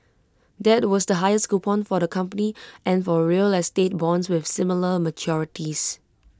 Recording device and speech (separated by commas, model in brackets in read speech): close-talking microphone (WH20), read sentence